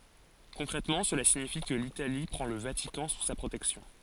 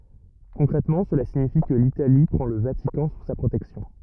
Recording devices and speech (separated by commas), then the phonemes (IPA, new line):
forehead accelerometer, rigid in-ear microphone, read sentence
kɔ̃kʁɛtmɑ̃ səla siɲifi kə litali pʁɑ̃ lə vatikɑ̃ su sa pʁotɛksjɔ̃